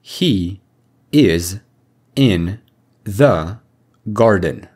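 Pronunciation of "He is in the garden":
'He is in the garden' is said in a very direct way, not linked together as it would be in connected speech.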